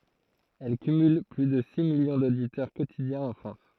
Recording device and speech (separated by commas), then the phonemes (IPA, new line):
throat microphone, read sentence
ɛl kymyl ply də si miljɔ̃ doditœʁ kotidjɛ̃z ɑ̃ fʁɑ̃s